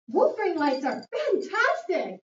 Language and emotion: English, surprised